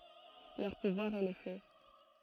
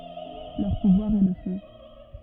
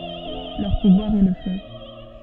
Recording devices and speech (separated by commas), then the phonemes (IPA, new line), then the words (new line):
throat microphone, rigid in-ear microphone, soft in-ear microphone, read sentence
lœʁ puvwaʁ ɛ lə fø
Leur pouvoir est le feu.